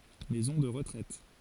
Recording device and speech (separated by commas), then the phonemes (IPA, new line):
forehead accelerometer, read sentence
mɛzɔ̃ də ʁətʁɛt